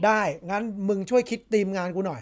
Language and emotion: Thai, neutral